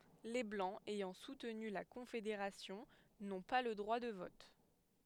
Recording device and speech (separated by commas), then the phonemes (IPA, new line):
headset microphone, read sentence
le blɑ̃z ɛjɑ̃ sutny la kɔ̃fedeʁasjɔ̃ nɔ̃ pa lə dʁwa də vɔt